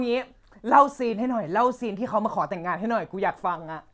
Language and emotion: Thai, happy